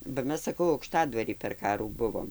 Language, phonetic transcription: Lithuanian, ba ˈmes saˈkau aukˈštadvary per ˈkarų ˈbuvom

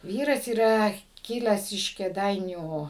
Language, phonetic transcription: Lithuanian, ˈvyras yˈra kiˈlęs iš kėˈdainių

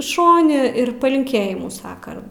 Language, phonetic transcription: Lithuanian, ˈšoni ir palinˈkėjimų ˈsaka

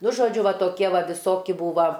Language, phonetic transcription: Lithuanian, ˈnu žoˈdžiu ˈva ˈtokie ˈva viˈsoki ˈbūva

